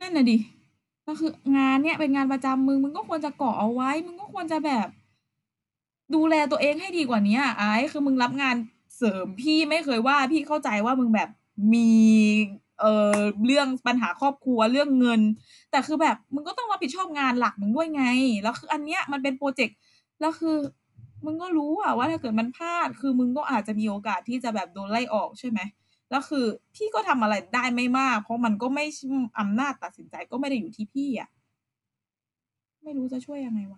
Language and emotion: Thai, frustrated